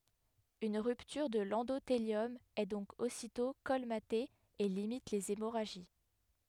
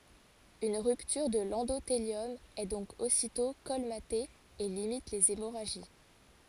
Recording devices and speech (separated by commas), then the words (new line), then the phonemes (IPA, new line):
headset microphone, forehead accelerometer, read sentence
Une rupture de l'endothélium est donc aussitôt colmatée et limite les hémorragies.
yn ʁyptyʁ də lɑ̃doteljɔm ɛ dɔ̃k ositɔ̃ kɔlmate e limit lez emoʁaʒi